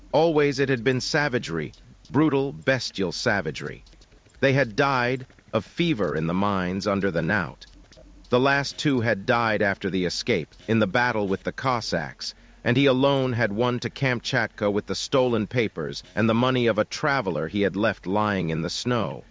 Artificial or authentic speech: artificial